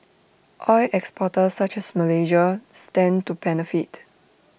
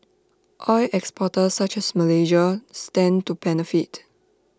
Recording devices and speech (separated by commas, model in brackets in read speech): boundary microphone (BM630), standing microphone (AKG C214), read sentence